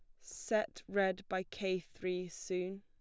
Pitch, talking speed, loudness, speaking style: 185 Hz, 140 wpm, -38 LUFS, plain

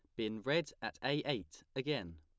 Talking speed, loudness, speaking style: 180 wpm, -39 LUFS, plain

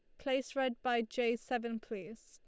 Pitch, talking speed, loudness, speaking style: 240 Hz, 175 wpm, -36 LUFS, Lombard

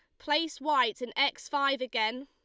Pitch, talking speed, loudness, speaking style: 275 Hz, 175 wpm, -29 LUFS, Lombard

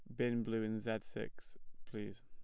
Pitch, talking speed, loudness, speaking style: 110 Hz, 175 wpm, -41 LUFS, plain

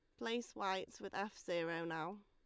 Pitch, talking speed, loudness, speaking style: 195 Hz, 175 wpm, -43 LUFS, Lombard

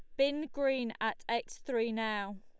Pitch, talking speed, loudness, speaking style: 230 Hz, 165 wpm, -34 LUFS, Lombard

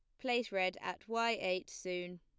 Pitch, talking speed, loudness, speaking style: 185 Hz, 180 wpm, -37 LUFS, plain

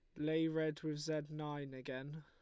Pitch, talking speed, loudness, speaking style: 155 Hz, 180 wpm, -41 LUFS, Lombard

